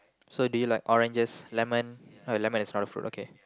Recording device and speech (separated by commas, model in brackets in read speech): close-talking microphone, conversation in the same room